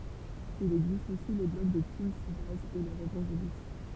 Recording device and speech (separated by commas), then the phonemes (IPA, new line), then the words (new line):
temple vibration pickup, read sentence
il ɛɡzist osi le blɔɡ də timsibɛjz e lœʁz evɑ̃ʒelist
Il existe aussi les blogs de TeamSybase et leurs évangélistes.